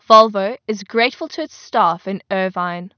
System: none